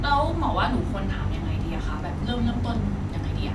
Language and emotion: Thai, neutral